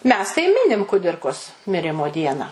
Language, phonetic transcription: Lithuanian, ˈmes tai ˈminim kuˈdirkos miˈrimo ˈdieną

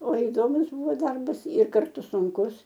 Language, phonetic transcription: Lithuanian, o iˈdomus ˈbūvo ˈdarbas ir karˈtu sunˈkus

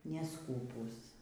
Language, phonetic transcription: Lithuanian, neˈskūpūs

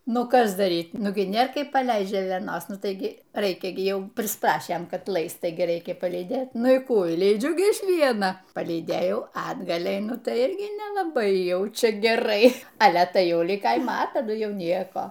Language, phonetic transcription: Lithuanian, ˈnu ˈkas daˈryt ˈnugi ˈnėr ˈkaip paˈleist žėleˈnos ˈnu ˈtaigi ˈraikia gi ˈjau prisˈprašėm ˈkad ˈlaist ˈtaigi ˈreikia palyˈdėt ˈnu y ˈkų i lyˈdžiu ˈgi ˈviena palyˈdėjau a atˈgal' eiˈnu ˈtai ˈirgi nelaˈbai ˈjau ˈčia geˈrai ˈale ˈtai ˈjau ˈlig ˈkaima a taˈdu ˈjau ˈnieko

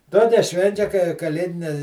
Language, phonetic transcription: Lithuanian, ˈtokia ˈšvenčia kai kaˈlėdine

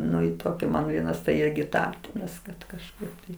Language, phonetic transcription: Lithuanian, ˈnu i ˈtoki ˈman ˈvienas tai ˈirgi ˈtą ˈras kad kažˈkaip tai

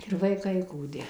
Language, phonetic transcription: Lithuanian, ir vaiˈkai kūˈdi

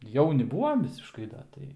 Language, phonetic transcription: Lithuanian, ˈjauni ˈbūvam ˈvisiškai ˈda ˈtai

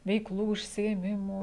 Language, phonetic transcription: Lithuanian, veikˈlų užsiėˈmimų

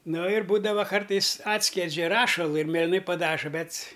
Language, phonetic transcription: Lithuanian, ˈno ir ˈbūdava ˈkartais ˈatskiedžia ˈrašalu ir mėliˈnai paˈdaža ˈbet s

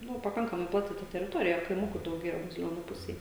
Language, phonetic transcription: Lithuanian, ˈnu paˈkankamai ˈplati ta teriˈtorija kaiˈmukų dauˈgėja baziˈlionų ˈpusej

